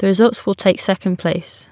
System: none